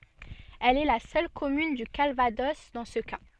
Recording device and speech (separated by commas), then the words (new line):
soft in-ear microphone, read sentence
Elle est la seule commune du Calvados dans ce cas.